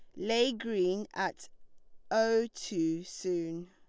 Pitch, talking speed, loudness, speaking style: 190 Hz, 105 wpm, -32 LUFS, Lombard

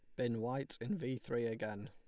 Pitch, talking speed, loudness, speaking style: 120 Hz, 215 wpm, -40 LUFS, Lombard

